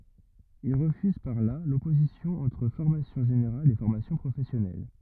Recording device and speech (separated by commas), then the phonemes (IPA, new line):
rigid in-ear microphone, read sentence
il ʁəfyz paʁ la lɔpozisjɔ̃ ɑ̃tʁ fɔʁmasjɔ̃ ʒeneʁal e fɔʁmasjɔ̃ pʁofɛsjɔnɛl